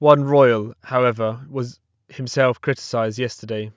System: none